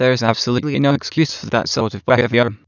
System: TTS, waveform concatenation